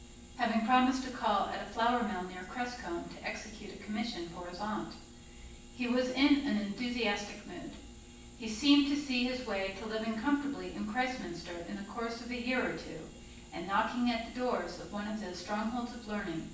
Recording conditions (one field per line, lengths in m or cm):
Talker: one person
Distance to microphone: 9.8 m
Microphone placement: far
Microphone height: 1.8 m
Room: large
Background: none